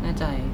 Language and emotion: Thai, neutral